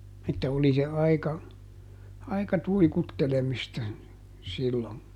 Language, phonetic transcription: Finnish, että ˈoli se aika , ˈaika "tuikuttelemista , sillon .
- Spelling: että oli se aika aika tuikuttelemista silloin

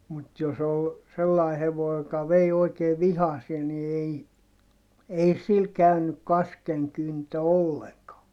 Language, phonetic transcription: Finnish, mut jos ‿ol , sellai hevoi joka vei oikee vihasie ni ei , ei sil käynyk kaskeŋkyntö olleŋkaa .
- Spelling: mutta jos oli sellainen hevonen joka vei oikein vihaseen niin ei ei sillä käynyt kaskenkyntö ollenkaan

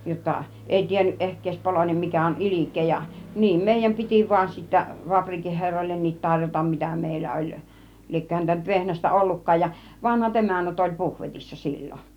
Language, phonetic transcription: Finnish, jotta , 'ˀèi tiennyˀ (ˀehk ‿èis) 'polònem 'mikä on "ilik̆kee ja , "niim mèijäm 'piti vuan sittä , 'vaprikih 'herroillennit 'taŕjotam 'mitä mèillä 'oĺ , 'liekkö häntä nyt 'vehnästä "olluk̀kaaj ja , "vanhat 'emännät oĺ "puhvetissa 'sil͕l͕on̬ .
- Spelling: jotta ei tiennyt ehkä ei poloinen mikä on ilkeä ja niin meidän piti vain sitten fapriikin herroillekin tarjota mitä meillä oli liekö häntä nyt vehnästä ollutkaan ja vanhat emännät oli puhvetissa silloin

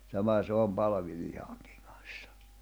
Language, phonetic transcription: Finnish, 'sama 'se om 'palavi'lihᴀᴎkɪᴎ kᴀɴ̬ssᴀ .
- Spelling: sama se on palvilihankin kanssa

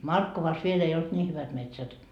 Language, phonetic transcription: Finnish, "Markkovas viel ‿ei olt 'ńii hyvät 'metsät .
- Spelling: Markkovassa vielä ei ollut niin hyvät metsät

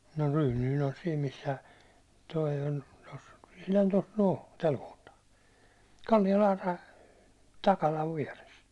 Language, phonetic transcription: Finnish, no 'ryynyin ‿on siim 'missä , toi ol tos , ihlan tos 'noo , täl kohtaa , 'Kallialaa (päin) , 'Takalav viɛres .
- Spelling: no Ryynynen on siinä missä tuo oli tuossa ihan tuossa no tällä kohtaa Kallialaan päin Takalan vieressä

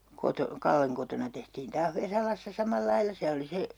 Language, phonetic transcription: Finnish, 'koto- , "Kalleŋ kotona tehtiin 'taah 'Vesalassa "samal'lailla .
- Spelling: - Kallen kotona tehtiin taas Vesalassa samalla lailla

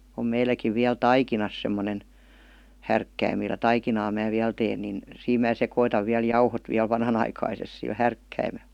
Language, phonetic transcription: Finnish, om 'meiläkiv viäl "tai-kinas semmonen , 'härkkäim millä "taikinaa mää viäl 'teen nin , 'siim mää 'sekoitav viäl "jauhot viäl 'vanhanaikaises sil "härkkäime(l) .
- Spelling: on meilläkin vielä taikinassa semmoinen härkkäin millä taikinaa minä vielä teen niin siinä minä sekoitan vielä jauhot vielä vanhanaikaisesti sillä härkkäimellä

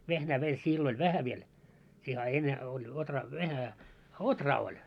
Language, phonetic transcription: Finnish, 'vehnää meil 'sillo ‿ĺ "vähä viel , siihe a 'enne oĺ otraa 'vähä , "otraa oĺ .
- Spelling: vehnää meillä silloin oli vähän vielä siihen a ennen oli ohraa vähän ohraa oli

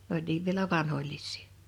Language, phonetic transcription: Finnish, n ‿oĺ 'niiv vielä "vanhoĺlis̆sɪɪ .
- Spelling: ne oli niin vielä vanhoillisia

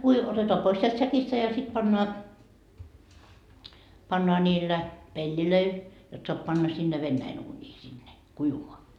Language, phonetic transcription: Finnish, kui- , 'otetoa 'pois sielt 'säkistä ja sit 'pannoa , pannoa ńiillä , 'peĺĺilöil , jot soap 'panna sinne "vennäin uuńii sinne , 'kuivumoa .
- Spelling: - otetaan pois sieltä säkistä ja sitten pannaan pannaan niillä pelleillä jotta saa panna sinne venäjän uuniin sinne kuivumaan

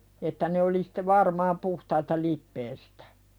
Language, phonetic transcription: Finnish, että ne oli sᴵte "varmaam puhtaita 'lippeestᴀ̈ .
- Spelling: että ne oli sitten varmaan puhtaita lipeästä

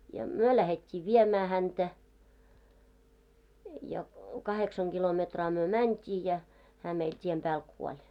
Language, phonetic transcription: Finnish, ja , "myö 'lähet́t́ii 'viemää häntä , ja 'kaheksaŋ ɢilometraa 'myö "mänt́ii jä , hää meil 't́iem pääl "kuoĺ .
- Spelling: ja me lähdettiin viemään häntä ja kahdeksan kilometriä me mentiin ja hän meillä tien päällä kuoli

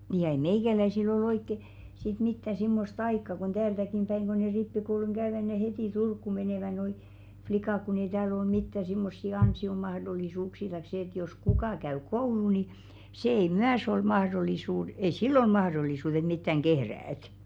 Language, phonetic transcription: Finnish, nii ja 'ei "meikäläisil ‿o'l ‿oikke , sit 'mitta simmost "aikka kon "täältäkim päiŋ ɢo ne 'rippikouluŋ ɢäövä ne hetì "Turkku menèvä noi , 'flikàk kun ‿ei 'tääl ‿ol "mittä simmossi 'ansi₍omahdol̆lisuuksii taik 'se ‿ĕt jos 'kukà käy "kouluu ni , 'sè ei "myäs ‿ol 'mahrol̆lisuud- , 'ei "sill ‿ol 'mahðol̀isuut ‿et 'mittäŋ "ɢehräät .
- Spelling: niin ja ei meikäläisillä ole oikein sitten mitään semmoista aikaa kun täältäkin päin kun ne rippikoulun käyvät ne heti Turkuun menevät nuo likat kun ei täällä ole mitään semmoisia ansiomahdollisuuksia tai se että jos kuka käy koulua niin se ei myös ole - ei sillä ole mahdollisuutta että mitään kehrätä

